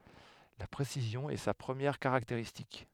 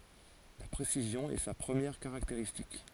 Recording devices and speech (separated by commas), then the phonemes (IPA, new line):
headset microphone, forehead accelerometer, read sentence
la pʁesizjɔ̃ ɛ sa pʁəmjɛʁ kaʁakteʁistik